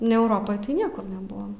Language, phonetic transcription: Lithuanian, ne euˈropoj tai ˈniekur neˈbuvom

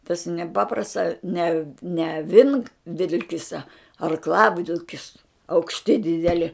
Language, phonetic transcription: Lithuanian, tas neˈpaprasts a ne ne aˈvinkvilkisa arkˈlavilkis aukšˈti dideˈli

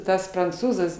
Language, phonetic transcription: Lithuanian, ˈtas pranˈcūzas

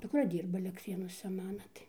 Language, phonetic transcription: Lithuanian, dukˈra ˈdyrba alektˈrėnuose ˈmana tai

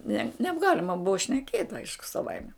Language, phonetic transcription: Lithuanian, ne nebˈgalima ˈbuva šneˈkėt' ˈaišku saˈvaime

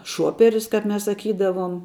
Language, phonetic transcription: Lithuanian, ˈšuoperis ˈkap ˈmes saˈkydavuom

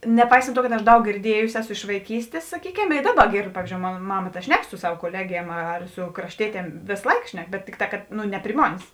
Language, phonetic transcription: Lithuanian, neˈpaisant ˈtuo kad aš ˈdaug girˈdiejusi ˈeˌsu iš vaiˈkystės saˈkykem i ˈdaˌba ˈgėrd ˈpavyzdžiou ˈmon ˈmama ta ˈšnek su ˈsav koˈlegiem ar su krašˈtietiem ˈvės ˈlaik ˈšnek bet ˈtikˌtā kad ˈnu ne pri ˈmonės

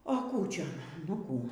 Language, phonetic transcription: Lithuanian, o ˈkų ˈčia nu ˈkų

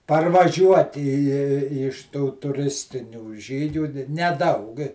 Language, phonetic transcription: Lithuanian, parvaˈžiuoti i i i iš tų tuˈristinių ˈžygių neˈdaug

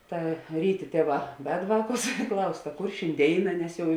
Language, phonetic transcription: Lithuanian, ˈta ˈryˌtė ˈtėˌvā ved ˈvāˌkus i ˈklaus ta ˈkur šinˈdėina ˈnes ˈjau

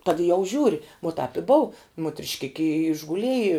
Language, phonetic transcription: Lithuanian, tad jau ˈžiūri vo tāp i ˈbou mutrišˈkiki i išguˈlieji

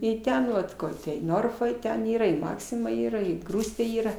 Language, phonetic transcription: Lithuanian, i ˈten vat ˈkor te i ˈnorfa i ten ˈyra i ˈmaksima ˈyra i ˈ grūstė ˈyra

